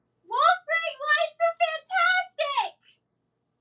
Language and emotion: English, happy